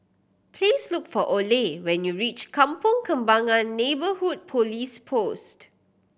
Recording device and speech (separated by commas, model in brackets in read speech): boundary microphone (BM630), read sentence